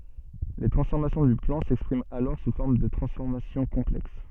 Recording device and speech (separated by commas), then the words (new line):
soft in-ear microphone, read sentence
Les transformations du plan s'expriment alors sous forme de transformations complexes.